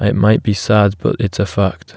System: none